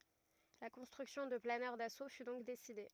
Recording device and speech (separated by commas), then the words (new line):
rigid in-ear microphone, read sentence
La construction de planeurs d'assaut fut donc décidée.